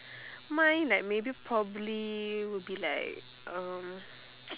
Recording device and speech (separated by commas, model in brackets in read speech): telephone, conversation in separate rooms